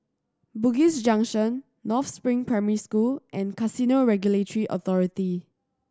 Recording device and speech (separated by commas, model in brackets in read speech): standing microphone (AKG C214), read sentence